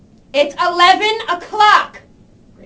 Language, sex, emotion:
English, female, angry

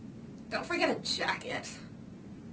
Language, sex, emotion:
English, female, disgusted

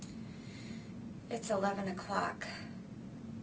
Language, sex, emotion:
English, female, neutral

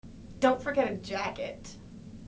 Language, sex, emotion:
English, female, neutral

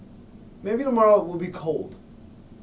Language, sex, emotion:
English, male, neutral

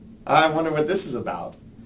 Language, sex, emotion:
English, male, neutral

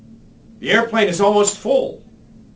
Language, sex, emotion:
English, male, fearful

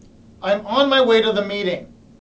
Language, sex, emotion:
English, male, angry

